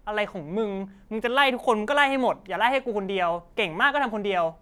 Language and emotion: Thai, frustrated